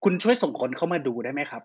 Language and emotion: Thai, frustrated